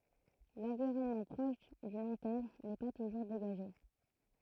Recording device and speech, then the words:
throat microphone, read sentence
L'environnement proche d'une antenne n'est pas toujours dégagé.

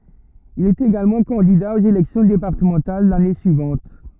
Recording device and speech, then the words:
rigid in-ear microphone, read sentence
Il est également candidat aux élections départementales l'année suivante.

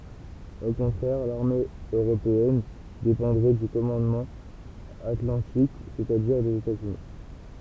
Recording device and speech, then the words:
temple vibration pickup, read sentence
Au contraire, l'armée européenne dépendrait du commandement atlantique, c'est-à-dire des États-Unis.

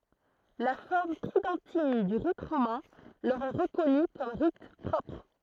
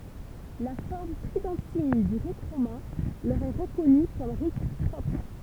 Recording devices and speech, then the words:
throat microphone, temple vibration pickup, read sentence
La forme tridentine du rite romain leur est reconnue comme rite propre.

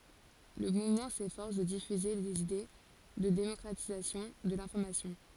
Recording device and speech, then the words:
forehead accelerometer, read sentence
Le mouvement s'efforce de diffuser des idées de démocratisation de l'information.

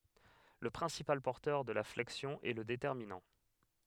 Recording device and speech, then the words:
headset microphone, read sentence
Le principal porteur de la flexion est le déterminant.

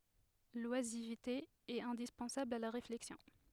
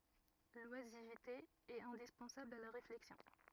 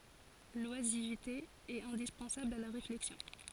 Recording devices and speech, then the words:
headset microphone, rigid in-ear microphone, forehead accelerometer, read sentence
L’oisiveté est indispensable à la réflexion.

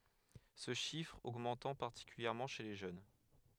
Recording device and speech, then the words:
headset microphone, read sentence
Ce chiffre augmentant particulièrement chez les jeunes.

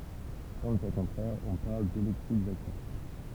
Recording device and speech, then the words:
temple vibration pickup, read sentence
Dans le cas contraire, on parle d'électrisation.

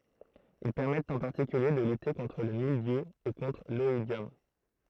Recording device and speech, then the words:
throat microphone, read sentence
Ils permettent en particulier de lutter contre le mildiou et contre l'oïdium.

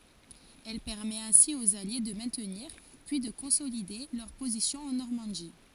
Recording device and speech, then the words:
forehead accelerometer, read sentence
Elle permet ainsi aux Alliés de maintenir, puis de consolider, leurs positions en Normandie.

